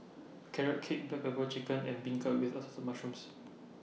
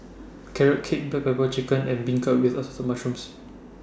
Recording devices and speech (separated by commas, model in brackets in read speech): mobile phone (iPhone 6), standing microphone (AKG C214), read sentence